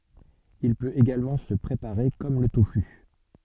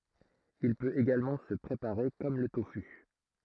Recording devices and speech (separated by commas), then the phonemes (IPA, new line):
soft in-ear microphone, throat microphone, read sentence
il pøt eɡalmɑ̃ sə pʁepaʁe kɔm lə tofy